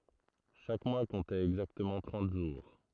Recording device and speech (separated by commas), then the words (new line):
throat microphone, read sentence
Chaque mois comptait exactement trente jours.